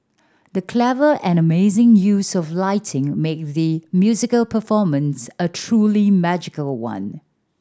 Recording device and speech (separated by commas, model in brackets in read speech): standing microphone (AKG C214), read sentence